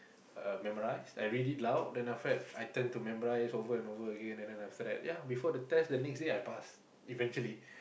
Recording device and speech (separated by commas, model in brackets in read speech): boundary microphone, conversation in the same room